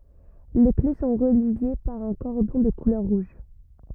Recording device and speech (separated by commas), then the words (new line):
rigid in-ear microphone, read sentence
Les clés sont reliées par un cordon de couleur rouge.